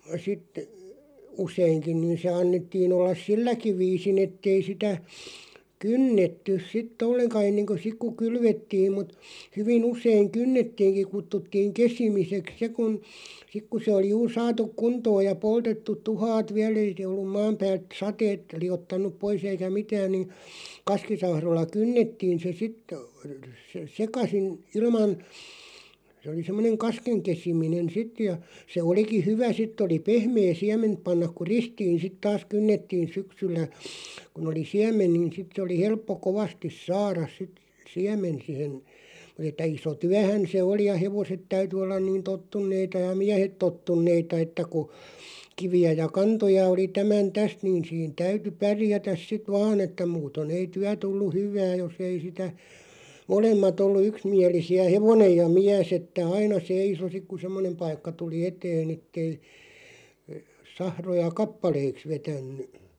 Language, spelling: Finnish, sitten useinkin niin se annettiin olla silläkin viisin että ei sitä kynnetty sitten ollenkaan ennen kuin sitten kun kylvettiin mutta hyvin usein kynnettiinkin kutsuttiin kesimiseksi se kun sitten kun se oli juuri saatu kuntoon ja poltettu tuhkat vielä ei se ollut maan päältä sateet liottanut pois eikä mitään niin kaskisahroilla kynnettiin se - - sekaisin ilman se oli semmoinen kasken kesiminen sitten ja se olikin hyvä sitten oli pehmeä siementä panna kun ristiin sitten taas kynnettiin syksyllä kun oli siemen niin sitten se oli helppo kovasti saada sitten siemen siihen mutta että iso työhän se oli ja hevoset täytyi olla niin tottuneita ja miehet tottuneita että kun kiviä ja kantoja oli tämän tästä niin siinä täytyi pärjätä sitten vain että muuten ei työ tullut hyvää jos ei sitä molemmat ollut yksimielisiä hevonen ja mies että aina seisoi sitten kun semmoinen paikka tuli eteen että ei sahroja kappaleiksi vetänyt
- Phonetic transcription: sit , "useiŋkiⁿ niin se 'annettiin ‿ollas "silläki 'viisi'n ‿ettei sitä , "kynnettyˢ sit"t ‿olleŋka 'enneŋko 'sik ku "kylvettiim mut , 'hyvin ‿useiŋ "kynnettiiŋki 'kuttuttiiŋ "kesimiseks 'se kun , 'sik ku se oli 'juur 'saatuk "kuntooj ja 'poltettuᵗ "tuhaat "viäl 'ei se ollum 'maam päält "sateet 'li₍ottan̆nup 'pois ‿eikä "mitääⁿ nin , "kaskisahroⁱlla "kynnettiin̬ se 'sitᵗ- -ᵊ , 'sekasin , 'ilman , se ᵒli 'semmᵒneŋ "kaskeŋ 'kesiminen 'sit ja , se 'oliki "hyvä 'sitᵗ ‿oli 'pehmee "siɛment pannaᵏ ku "ristiin̬ 'sit taas 'kynnettiin̬ 'syksyllä , kun ‿oli "siämen nin 'sit se oli 'helppo "kovastis 'saaras sit , "siäm̀en sihen , mut ‿et̆tä 'iso "tyähän̬ se 'oli ja "hevoset 'täyty ollan niin "tottunneita ja "miähet 'tottunneita että ku , 'kivi₍ä ja "kantoja oli 'tämän "täst niin̬ 'siin 'täyty "pärjätäs sit "vaan ‿että 'muuton ‿ei 'tyä 'tullu "hyv̀ää 'jos ‿ei sitä , 'molemmat ‿ollu 'yksmiälisi₍ä "hevonej ja "miäs että 'aina "seiso 'sik ku "semmonem paikka 'tuli "eteen ‿ettei , 'sahroja "kappaleiks 'vetänny .

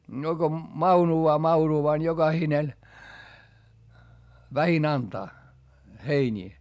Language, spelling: Finnish, no kun maunuaa mauruaa niin jokainen vähin antaa heiniä
- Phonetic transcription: no Go , maunu₍aa mauru₍aa ni joGahinen , vähin ‿antaa , heińii .

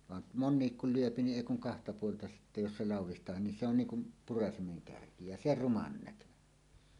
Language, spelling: Finnish, vaan monikin kun lyö niin ei kun kahta puolta sitten jos se laudistaakin niin se on niin kuin purasimen kärki ja se ruman näköinen
- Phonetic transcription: van , "monniik kul 'lyöpi niˀ "ˀèi kuŋ kahta puolta sittä 'jos "se "làuw̆wist̀aahin ni se on 'niiŋ kum , 'purasimeŋ 'kärki ja "se "ruman näkönen .

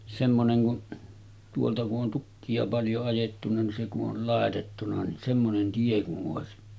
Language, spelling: Finnish, semmoinen kun tuolta kun on tukkia paljon ajettuna niin se kun oli laitettuna niin semmoinen tie kun olisi
- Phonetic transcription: semmoneŋ kun , tuolta ku’ ’on 'tukki₍a paljo ajettuna ni se ku’ ’ol 'làetettuna ni , semmonen 'tie ku’ ’òesi .

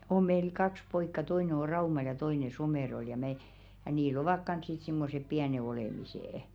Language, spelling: Finnish, on meillä kaksi poikaa toinen on Raumalla ja toinen Somerolla ja me ja niillä ovat kanssa sitten semmoiset pienet olemiset
- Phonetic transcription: oᵐ meil "kaks 'poikka toine o 'Raumal ja 'toine 'Somèrol ja me , ja nii"l ‿ovak 'kans sit simmosep "piäne 'olèmisè₍ᵉ .

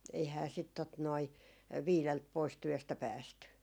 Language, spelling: Finnish, eihän sitten tuota noin viideltä pois työstä päästy
- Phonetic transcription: eihää sit tot noi , "viilelt 'pois "työstä 'päästy .

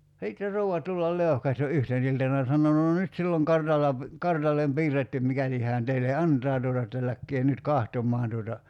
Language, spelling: Finnish, sitten se rouva tulla leuhkasi jo yhtenä iltana ja sanoi no nyt sillä on kartalla kartalle piirretty mikäli hän teille antaa tuota että lähtekää nyt katsomaan tuota
- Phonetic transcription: 'sit se 'rou₍a 'tullal "leu̬hkas jo "yhten iltana (ja) sano » no 'nyt sill ‿oŋ 'kartalla , 'kartallem "piirrettym mikäli hään 'teile "ant̀aa tuota että 'läkkee nyt "kahtom̆maan tuota « ,.

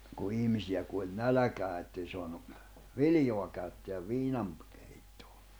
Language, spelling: Finnish, kun ihmisiä kuoli nälkään että ei saanut viljaa käyttää viinan keittoon
- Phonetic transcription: ku 'ihmisi₍ä kuoĺ "näläkää ettei soanu , "viljoa käytteäv "viinam , keittᴏᴏ .

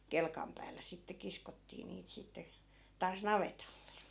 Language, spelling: Finnish, kelkan päällä sitten kiskottiin niitä sitten taas navetalle
- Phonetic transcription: 'kelkam päällä 'sitte 'kiskottii niit 'sitte , taas "navetalle .

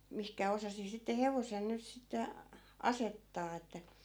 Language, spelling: Finnish, mihin osasi sitten hevosen nyt sitten asettaa että
- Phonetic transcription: 'mihkä 'osasi sitte 'hevosen nyt 'sitte , 'asettaa että ,.

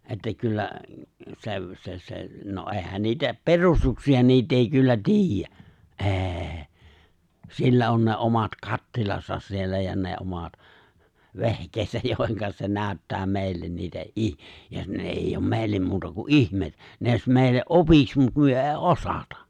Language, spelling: Finnish, että kyllä - se se no eihän niitä perustuksia niitä ei kyllä tiedä ei sillä on ne omat kattilansa siellä ja ne omat vehkeensä joihin se näyttää meille niitä - ja ne ei ole meille muuta kuin ihmeitä ne olisi meille opiksi mutta me ei osata
- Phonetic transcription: että 'kyllä , sev- , se se , no '’èhän 'niitä "perustuksi₍a 'niit ‿èi kyllä "ti̬ij̆jä , '’ê̬ , 'sillä on ne 'omat "kattilasas 'siellä ja 'ne omat , "ve̬hk̀eesäj jòihiŋka se 'nääᵒ̈ttää 'mèi̬llen niitä '’ih- , ja 'ne èijj ‿oom 'mèi̬llem muuta ku '’ihmèi̬t(ä) ne ‿òis mè̬i̬lle’ '’opiks mut 'myö '’ei "’osatᴀ .

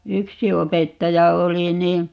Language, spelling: Finnish, yksi opettaja oli niin
- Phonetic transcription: "yksi 'opettaja 'oli ni , .

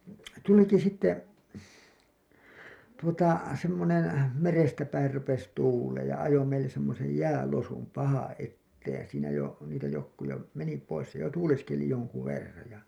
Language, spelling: Finnish, tulikin sitten tuota semmoinen merestä päin rupesi tuulemaan ja ajoi meille semmoisen jäälosun pahaa eteen ja siinä jo niitä jotkut jo meni pois se jo tuuleskeli jonkun verran ja
- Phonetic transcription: 'tuliki sitte , tuota , semmonem , "merestä päir rupes 'tuuleej ja ajo meilles semmosej "jäälosum pahaa̰ '’etteej ja siinä jo , niitä jokku jo , meni pois se jo "tuuleskeli joŋku 'verraj ja .

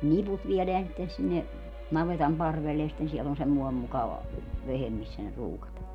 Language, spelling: Finnish, ne niput viedään sitten sinne navetan parvelle ja sitten siellä on semmoinen mukava vehje missä ne ruukataan
- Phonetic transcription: ne 'niput 'vieleän sitten sinne , 'navetam 'parvelle ja sitten 'siɛl ‿on semmoem mukava , 'vehem missä ne 'ruukataa .

